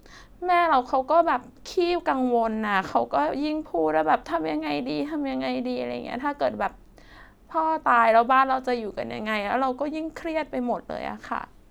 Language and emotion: Thai, sad